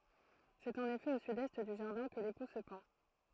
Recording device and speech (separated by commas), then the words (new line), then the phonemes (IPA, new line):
throat microphone, read sentence
C'est en effet au sud-est du jardin que l'époux se pend.
sɛt ɑ̃n efɛ o sydɛst dy ʒaʁdɛ̃ kə lepu sə pɑ̃